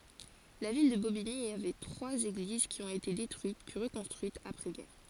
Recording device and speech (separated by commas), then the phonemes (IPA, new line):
forehead accelerometer, read sentence
la vil də bobiɲi avɛ tʁwaz eɡliz ki ɔ̃t ete detʁyit pyi ʁəkɔ̃stʁyitz apʁɛzɡɛʁ